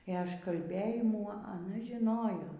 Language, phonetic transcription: Lithuanian, ė ažkalˈbėjimų aˈna žiˈnojo

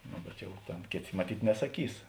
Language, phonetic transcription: Lithuanian, ˈno bet ˈjau ˈtėn ˈkėˌtė maˈtyt' nesaˈkys

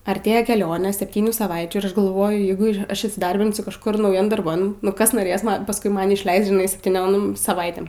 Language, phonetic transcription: Lithuanian, arˈtėja keˈlionė septyˈnių saˈvaičių ir ˈaš galˈvoju ˈjeigu ˈaš įsiˈdarbinsiu kažˈkur nauˈjam darˈban nu ˈkas noˈrės ˈman pasˈkui ˈman išˈleist žiˈnai septyˈniom saˈvaitėm

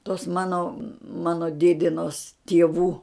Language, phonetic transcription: Lithuanian, tos ˈmano ˈmano ˈdėdinos tieˈvų

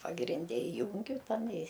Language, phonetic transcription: Lithuanian, pagrinˈde iˈjūngiu ˈtan i

